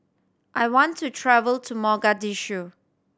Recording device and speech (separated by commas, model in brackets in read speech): standing microphone (AKG C214), read sentence